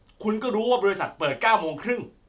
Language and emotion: Thai, angry